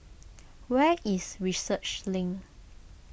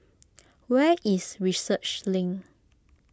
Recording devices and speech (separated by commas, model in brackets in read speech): boundary microphone (BM630), close-talking microphone (WH20), read sentence